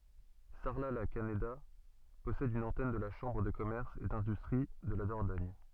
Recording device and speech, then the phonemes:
soft in-ear microphone, read sentence
saʁlatlakaneda pɔsɛd yn ɑ̃tɛn də la ʃɑ̃bʁ də kɔmɛʁs e dɛ̃dystʁi də la dɔʁdɔɲ

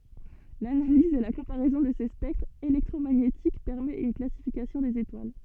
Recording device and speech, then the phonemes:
soft in-ear microphone, read sentence
lanaliz e la kɔ̃paʁɛzɔ̃ də se spɛktʁz elɛktʁomaɲetik pɛʁmɛt yn klasifikasjɔ̃ dez etwal

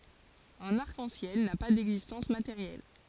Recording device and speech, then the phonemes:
forehead accelerometer, read sentence
œ̃n aʁk ɑ̃ sjɛl na pa dɛɡzistɑ̃s mateʁjɛl

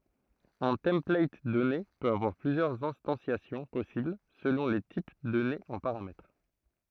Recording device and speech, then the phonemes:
throat microphone, read sentence
œ̃ tɑ̃plat dɔne pøt avwaʁ plyzjœʁz ɛ̃stɑ̃sjasjɔ̃ pɔsibl səlɔ̃ le tip dɔnez ɑ̃ paʁamɛtʁ

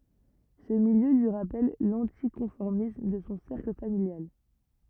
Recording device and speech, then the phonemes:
rigid in-ear microphone, read sentence
sə miljø lyi ʁapɛl lɑ̃tikɔ̃fɔʁmism də sɔ̃ sɛʁkl familjal

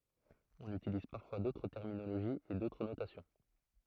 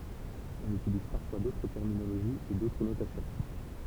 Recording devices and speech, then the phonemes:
throat microphone, temple vibration pickup, read sentence
ɔ̃n ytiliz paʁfwa dotʁ tɛʁminoloʒiz e dotʁ notasjɔ̃

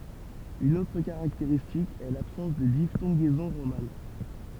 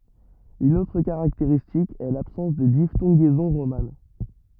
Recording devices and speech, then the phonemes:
temple vibration pickup, rigid in-ear microphone, read sentence
yn otʁ kaʁakteʁistik ɛ labsɑ̃s də diftɔ̃ɡɛzɔ̃ ʁoman

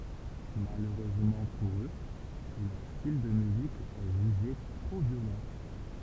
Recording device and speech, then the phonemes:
temple vibration pickup, read sentence
maløʁøzmɑ̃ puʁ ø lœʁ stil də myzik ɛ ʒyʒe tʁo vjolɑ̃

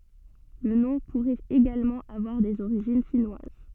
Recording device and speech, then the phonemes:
soft in-ear microphone, read sentence
lə nɔ̃ puʁɛt eɡalmɑ̃ avwaʁ dez oʁiʒin finwaz

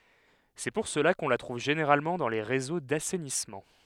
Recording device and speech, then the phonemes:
headset microphone, read sentence
sɛ puʁ səla kɔ̃ la tʁuv ʒeneʁalmɑ̃ dɑ̃ le ʁezo dasɛnismɑ̃

